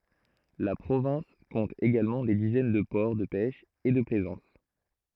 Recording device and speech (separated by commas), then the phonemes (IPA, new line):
throat microphone, read sentence
la pʁovɛ̃s kɔ̃t eɡalmɑ̃ de dizɛn də pɔʁ də pɛʃ e də plɛzɑ̃s